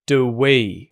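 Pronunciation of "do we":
In 'do we', 'do' is unstressed, and its oo sound is reduced to a schwa sound.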